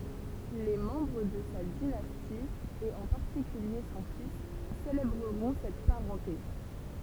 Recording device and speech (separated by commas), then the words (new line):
temple vibration pickup, read sentence
Les membres de sa dynastie et en particulier son fils célébreront cette parenté.